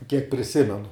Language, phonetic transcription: Lithuanian, kiek priˈsimenu

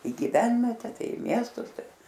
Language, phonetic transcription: Lithuanian, i giˈvenvete ˈtai i ˈmiestus ˈtai

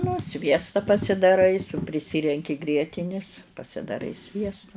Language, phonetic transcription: Lithuanian, nu ˈsviesta pasidaˈrai su priˈsirenki ˈgrietinis pasidaˈrai ˈsviestu

